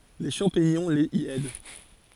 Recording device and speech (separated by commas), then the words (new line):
forehead accelerometer, read sentence
Les champignons les y aident.